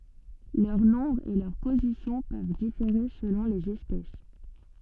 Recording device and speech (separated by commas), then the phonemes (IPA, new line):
soft in-ear microphone, read sentence
lœʁ nɔ̃bʁ e lœʁ pozisjɔ̃ pøv difeʁe səlɔ̃ lez ɛspɛs